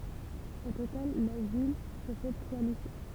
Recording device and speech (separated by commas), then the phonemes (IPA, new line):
temple vibration pickup, read sentence
o total la vil pɔsɛd tʁwa lise